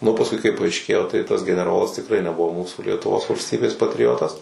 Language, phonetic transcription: Lithuanian, nu pasˈkui kai paaišˈkėjo tai tas geneˈrolas tikˈrai neˈbuvo ˈmūsų lietuˈvos valsˈtybės patriˈotas

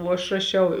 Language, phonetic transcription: Lithuanian, o aš raˈšiau

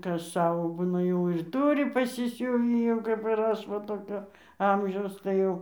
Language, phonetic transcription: Lithuanian, ˈkas ˈsavo ˈbūna jau ir ˈturi pasiˈsiuvį jau kap ir ˈaš ˈva toˈkio ˈamžiaus tai ˈjau

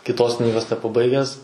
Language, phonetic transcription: Lithuanian, kitˈos ˈknygos nepaˈbaigęs

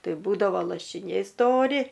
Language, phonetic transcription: Lithuanian, ˈtai ˈbūdavo lašiˈniai ˈstori

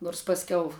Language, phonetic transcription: Lithuanian, nors pasˈkiau

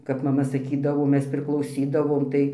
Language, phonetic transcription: Lithuanian, kap maˈma saˈkydavo ˈmes priklauˈsydavom tai

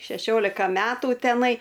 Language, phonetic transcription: Lithuanian, šeˈšiolika ˈmetu teˈnai

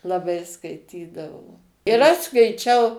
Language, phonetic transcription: Lithuanian, laˈbai skaiˈtydavo ir ˈaš skaiˈčiau

